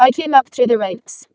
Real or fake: fake